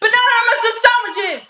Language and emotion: English, sad